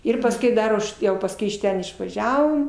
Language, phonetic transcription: Lithuanian, ˈir pasˈkiau ˈdar už ˈjau pasˈkui iš ˈten išvaˈžiavom

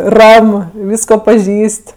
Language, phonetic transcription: Lithuanian, ˈram ˈvysko paˈžįs't'

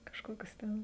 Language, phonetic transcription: Lithuanian, kažˈkokius ˈten

